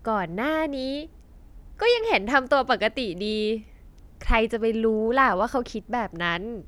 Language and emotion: Thai, happy